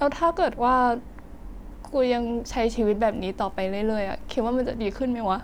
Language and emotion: Thai, sad